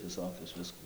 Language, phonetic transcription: Lithuanian, viˈsokius ˈvisku

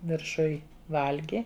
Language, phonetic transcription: Lithuanian, virˈšuj ˈvalgi

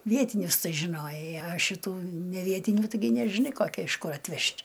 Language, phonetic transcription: Lithuanian, ˈvietinius ˈtai žiˈnojai a šiˈtų neˈvietinių taiˈgi nežiˈnai koˈki iš kur atˈvežt'

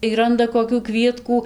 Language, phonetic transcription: Lithuanian, y ˈranda kokių ˈkvietkų

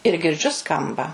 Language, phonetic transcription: Lithuanian, ir girˈdžiu ˈskamba

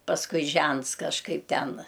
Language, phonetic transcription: Lithuanian, pasˈkui ˈžents kažˈkaip ˈten

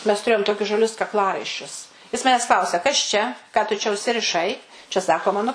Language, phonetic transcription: Lithuanian, mes tuˈrėjom ˈtokius žaˈlius kakˈlaraiščius jis ˈmanes ˈklausia kas ˈčia ˈką tu čia užsiriˈšai čia ˈsako ˈmanu

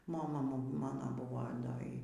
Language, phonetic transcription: Lithuanian, moˈma ˈmano ˈbuvo ˈda ˈy

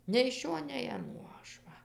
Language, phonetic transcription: Lithuanian, nei iš ˈšio nei aˈnuo ˈaš va

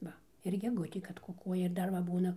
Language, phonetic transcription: Lithuanian, ˈva ir geˈgutė kad kuˈkuoja ir ˈdar va ˈbūna

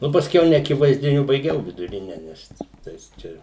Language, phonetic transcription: Lithuanian, ˈnu pasˈkiau neakivaizdiˈniu baiˈgiau viduˈrine ˈnes ˈtais ˈčia

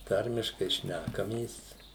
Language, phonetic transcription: Lithuanian, ˈtarmiškai ˈšnækamės

